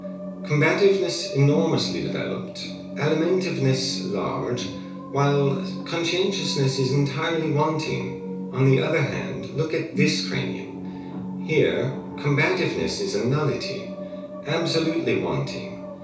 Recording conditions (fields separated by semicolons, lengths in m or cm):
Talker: one person; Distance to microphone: 3.0 m; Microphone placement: far; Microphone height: 1.8 m; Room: small (3.7 m by 2.7 m); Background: television